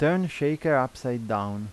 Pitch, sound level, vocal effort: 130 Hz, 87 dB SPL, normal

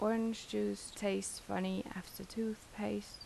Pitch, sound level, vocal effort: 195 Hz, 78 dB SPL, soft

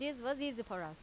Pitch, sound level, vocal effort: 250 Hz, 90 dB SPL, loud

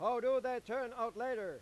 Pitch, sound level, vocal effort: 255 Hz, 106 dB SPL, very loud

